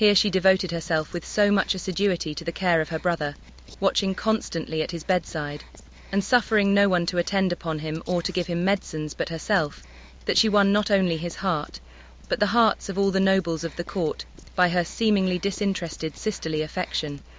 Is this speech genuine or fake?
fake